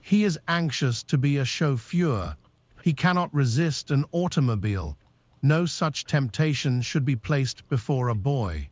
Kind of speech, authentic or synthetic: synthetic